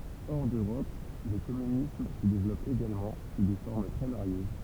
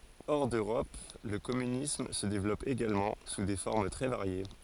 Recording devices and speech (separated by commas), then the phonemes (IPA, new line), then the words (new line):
temple vibration pickup, forehead accelerometer, read sentence
ɔʁ døʁɔp lə kɔmynism sə devlɔp eɡalmɑ̃ su de fɔʁm tʁɛ vaʁje
Hors d'Europe, le communisme se développe également, sous des formes très variées.